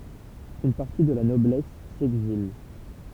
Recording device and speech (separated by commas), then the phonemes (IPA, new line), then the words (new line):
temple vibration pickup, read sentence
yn paʁti də la nɔblɛs sɛɡzil
Une partie de la noblesse s'exile.